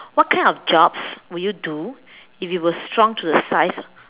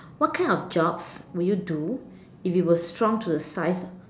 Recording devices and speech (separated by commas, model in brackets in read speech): telephone, standing microphone, conversation in separate rooms